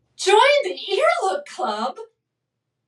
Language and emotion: English, surprised